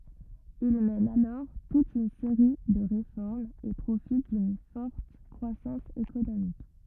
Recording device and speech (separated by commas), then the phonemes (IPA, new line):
rigid in-ear microphone, read sentence
il mɛn alɔʁ tut yn seʁi də ʁefɔʁmz e pʁofit dyn fɔʁt kʁwasɑ̃s ekonomik